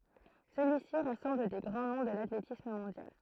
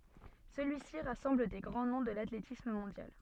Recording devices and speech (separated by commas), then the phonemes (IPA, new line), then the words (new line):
throat microphone, soft in-ear microphone, read sentence
səlyisi ʁasɑ̃bl de ɡʁɑ̃ nɔ̃ də latletism mɔ̃djal
Celui-ci rassemble des grands noms de l'athlétisme mondial.